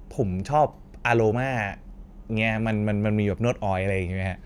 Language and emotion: Thai, happy